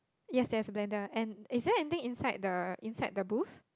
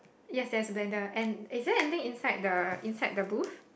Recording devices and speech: close-talking microphone, boundary microphone, conversation in the same room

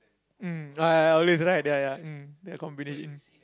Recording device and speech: close-talking microphone, conversation in the same room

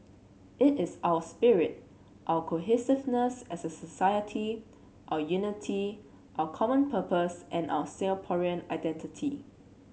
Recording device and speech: mobile phone (Samsung C7), read sentence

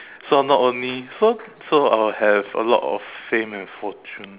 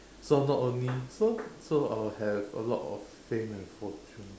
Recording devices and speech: telephone, standing microphone, conversation in separate rooms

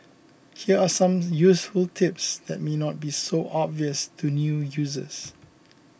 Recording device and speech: boundary microphone (BM630), read sentence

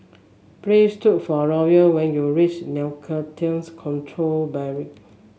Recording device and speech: mobile phone (Samsung S8), read sentence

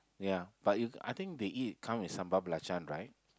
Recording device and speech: close-talking microphone, conversation in the same room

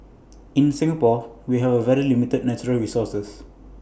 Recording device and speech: boundary microphone (BM630), read sentence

